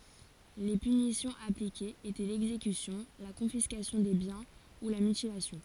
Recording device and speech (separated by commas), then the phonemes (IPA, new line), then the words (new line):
forehead accelerometer, read sentence
le pynisjɔ̃z aplikez etɛ lɛɡzekysjɔ̃ la kɔ̃fiskasjɔ̃ de bjɛ̃ u la mytilasjɔ̃
Les punitions appliquées étaient l'exécution, la confiscation des biens ou la mutilation.